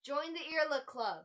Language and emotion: English, neutral